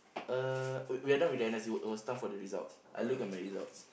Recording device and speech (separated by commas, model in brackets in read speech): boundary microphone, conversation in the same room